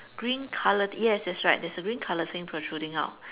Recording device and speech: telephone, conversation in separate rooms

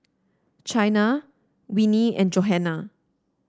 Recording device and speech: standing microphone (AKG C214), read sentence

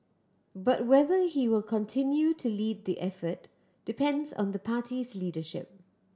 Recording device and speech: standing microphone (AKG C214), read sentence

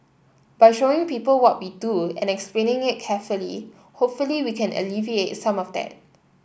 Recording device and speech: boundary microphone (BM630), read sentence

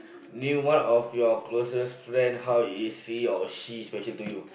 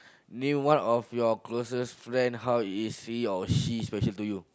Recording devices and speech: boundary microphone, close-talking microphone, conversation in the same room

